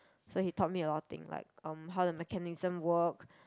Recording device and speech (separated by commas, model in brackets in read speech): close-talking microphone, conversation in the same room